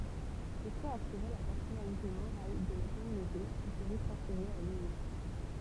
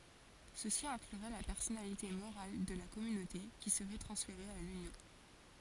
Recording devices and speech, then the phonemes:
temple vibration pickup, forehead accelerometer, read sentence
səsi ɛ̃klyʁɛ la pɛʁsɔnalite moʁal də la kɔmynote ki səʁɛ tʁɑ̃sfeʁe a lynjɔ̃

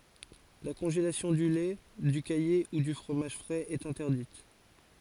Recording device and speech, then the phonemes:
forehead accelerometer, read sentence
la kɔ̃ʒelasjɔ̃ dy lɛ dy kaje u dy fʁomaʒ fʁɛz ɛt ɛ̃tɛʁdit

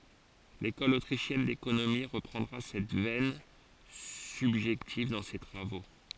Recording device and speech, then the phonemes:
forehead accelerometer, read sentence
lekɔl otʁiʃjɛn dekonomi ʁəpʁɑ̃dʁa sɛt vɛn sybʒɛktiv dɑ̃ se tʁavo

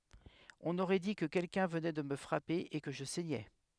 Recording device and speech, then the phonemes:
headset microphone, read sentence
ɔ̃n oʁɛ di kə kɛlkœ̃ vənɛ də mə fʁape e kə ʒə sɛɲɛ

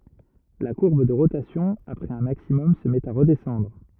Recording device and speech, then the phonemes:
rigid in-ear microphone, read sentence
la kuʁb də ʁotasjɔ̃ apʁɛz œ̃ maksimɔm sə mɛt a ʁədɛsɑ̃dʁ

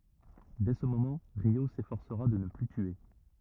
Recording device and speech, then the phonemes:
rigid in-ear microphone, read sentence
dɛ sə momɑ̃ ʁjo sefɔʁsəʁa də nə ply tye

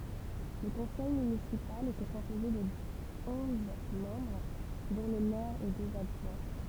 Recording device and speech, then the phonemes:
temple vibration pickup, read sentence
lə kɔ̃sɛj mynisipal etɛ kɔ̃poze də ɔ̃z mɑ̃bʁ dɔ̃ lə mɛʁ e døz adʒwɛ̃

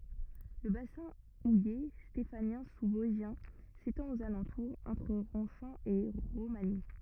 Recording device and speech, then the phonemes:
rigid in-ear microphone, read sentence
lə basɛ̃ uje stefanjɛ̃ suzvɔzʒjɛ̃ setɑ̃t oz alɑ̃tuʁz ɑ̃tʁ ʁɔ̃ʃɑ̃ e ʁomaɲi

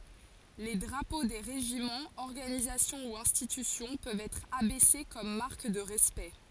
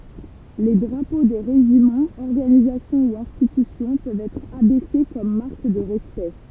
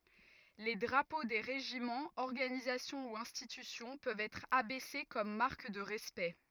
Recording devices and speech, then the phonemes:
forehead accelerometer, temple vibration pickup, rigid in-ear microphone, read sentence
le dʁapo de ʁeʒimɑ̃z ɔʁɡanizasjɔ̃ u ɛ̃stitysjɔ̃ pøvt ɛtʁ abɛse kɔm maʁk də ʁɛspɛkt

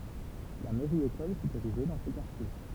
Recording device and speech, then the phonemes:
temple vibration pickup, read sentence
la mɛʁjəekɔl fy eʁiʒe dɑ̃ sə kaʁtje

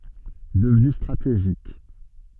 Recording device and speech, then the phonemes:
soft in-ear microphone, read sentence
dəvny stʁateʒik

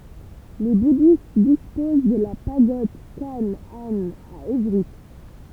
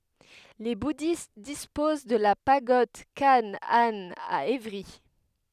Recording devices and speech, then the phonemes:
temple vibration pickup, headset microphone, read sentence
le budist dispoz də la paɡɔd kan an a evʁi

